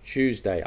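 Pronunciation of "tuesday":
'Tuesday' starts with a ch sound, like the ch in 'church'.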